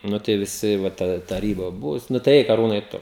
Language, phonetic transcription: Lithuanian, ˈnu tai viˈsi va taˈda taˈryba ˈbuvus ˈnu tai ˈeik aˈrūnai ˈtu

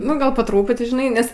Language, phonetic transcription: Lithuanian, nu ˈgal po ˈtrūputi žiˈnai ˈnes

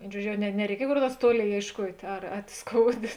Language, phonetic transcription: Lithuanian, ˈvėin ˈžuodžio ˈjau ne nereiˈkiej kor ˈnuors ˈtuoˌlėi ėišˈkuot' ar at ˈskouˌdė

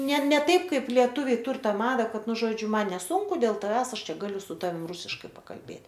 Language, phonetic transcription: Lithuanian, ne ne ˈtaip ˈkaip lieˈtuviai ˈtur ˈtą ˈmada ˈkad ˈnu ˈžodžiu ˈman neˈsūnku dėl taˈvęs ˈaš ˈčia ˈgaliu su ˈtavim ˈrusiškai pakalˈbėt'

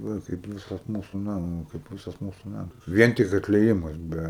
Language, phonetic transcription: Lithuanian, ˈva kaip ˈvisas ˈmūsu ˈnamo kaip ˈvisas ˈmūsu ˈnamas ˈvien tik atlieˈjimas ˈbe

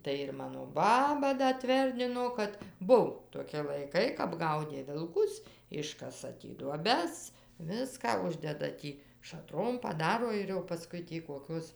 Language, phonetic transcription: Lithuanian, tai ir ˈmano ˈbaba ˈda ˈtverdino kad ˈbuvo toˈki laiˈkai kap ˈgaudė vilˈkus ˈiškasa tį duoˈbes ˈviską ˈuždeda ˈtį šaˈtrom paˈdaro ir jau paˈskui tį koˈkios

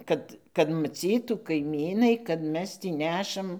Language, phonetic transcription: Lithuanian, ˈkad kad maˈcytų kaiˈmynai kad ˈmes ˈtį ˈnešam

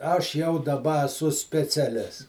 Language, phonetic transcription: Lithuanian, ˈaš jau daˈba aˈsu speciaˈlis

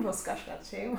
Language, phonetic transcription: Lithuanian, ˈbos kažˈkad ˈšeim

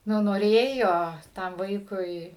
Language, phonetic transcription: Lithuanian, ˈnu noˈrėjo ˈtam ˈvaikui

